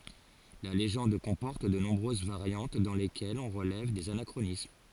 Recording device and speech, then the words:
forehead accelerometer, read sentence
La légende comporte de nombreuses variantes dans lesquelles on relève des anachronismes.

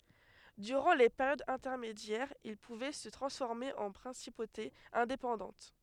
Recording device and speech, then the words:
headset microphone, read sentence
Durant les périodes intermédiaires, ils pouvaient se transformer en principautés indépendantes.

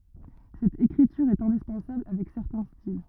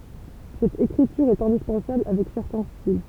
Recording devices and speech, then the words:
rigid in-ear microphone, temple vibration pickup, read sentence
Cette écriture est indispensable avec certains styles.

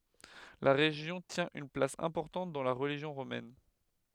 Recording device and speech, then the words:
headset microphone, read sentence
La région tient une place importante dans la religion romaine.

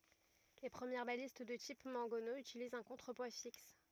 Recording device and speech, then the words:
rigid in-ear microphone, read sentence
Les premières balistes de type mangonneau utilisent un contrepoids fixe.

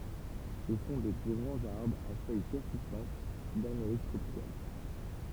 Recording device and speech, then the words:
temple vibration pickup, read sentence
Ce sont des grands arbres à feuilles persistantes d'Amérique tropicale.

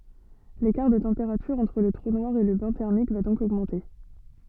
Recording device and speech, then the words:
soft in-ear microphone, read sentence
L'écart de température entre le trou noir et le bain thermique va donc augmenter.

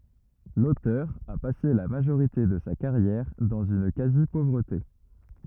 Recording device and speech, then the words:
rigid in-ear microphone, read sentence
L'auteur a passé la majorité de sa carrière dans une quasi-pauvreté.

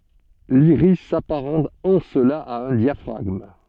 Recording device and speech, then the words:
soft in-ear microphone, read sentence
L'iris s'apparente en cela à un diaphragme.

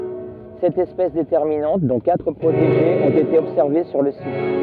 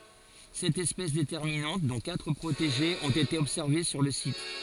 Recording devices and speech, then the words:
rigid in-ear microphone, forehead accelerometer, read sentence
Sept espèces déterminantes, dont quatre protégées, ont été observées sur le site.

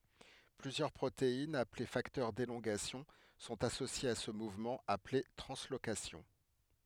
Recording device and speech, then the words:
headset microphone, read sentence
Plusieurs protéines, appelées facteurs d'élongation, sont associées à ce mouvement, appelé translocation.

